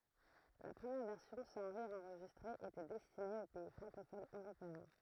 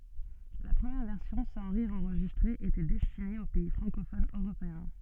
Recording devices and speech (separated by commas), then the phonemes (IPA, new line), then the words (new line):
throat microphone, soft in-ear microphone, read sentence
la pʁəmjɛʁ vɛʁsjɔ̃ sɑ̃ ʁiʁz ɑ̃ʁʒistʁez etɛ dɛstine o pɛi fʁɑ̃kofonz øʁopeɛ̃
La première version sans rires enregistrés était destinée aux pays francophones européens.